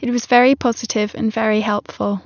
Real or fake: real